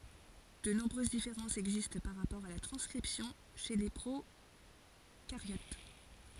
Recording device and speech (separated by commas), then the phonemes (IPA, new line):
forehead accelerometer, read sentence
də nɔ̃bʁøz difeʁɑ̃sz ɛɡzist paʁ ʁapɔʁ a la tʁɑ̃skʁipsjɔ̃ ʃe le pʁokaʁjot